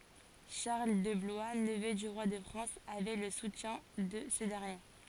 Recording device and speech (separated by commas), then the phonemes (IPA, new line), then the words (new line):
forehead accelerometer, read sentence
ʃaʁl də blwa nəvø dy ʁwa də fʁɑ̃s avɛ lə sutjɛ̃ də sə dɛʁnje
Charles de Blois, neveu du roi de France, avait le soutien de ce dernier.